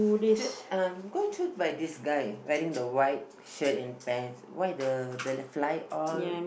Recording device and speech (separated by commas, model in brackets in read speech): boundary microphone, conversation in the same room